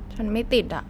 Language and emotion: Thai, frustrated